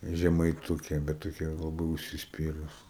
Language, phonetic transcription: Lithuanian, žemaiˈtukė bet toˈkia laˈbai užsisˈpyrus

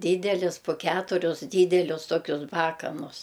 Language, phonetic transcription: Lithuanian, ˈdydelis po ˈketurius ˈdydelius ˈtokius ˈbakanus

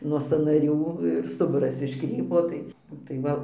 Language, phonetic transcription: Lithuanian, nuo sąnaˈrių ir ˈstuburas išˈkrypo ˈtai nu tai ˈva

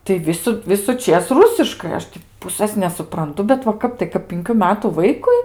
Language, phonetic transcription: Lithuanian, tai ˈvisu visuˈčės ˈrusiškai ˈaš tį ˈpusɘs nesupranˈtu bet va ˈkap tai kap pinˈkių ˈmetų ˈvaikui

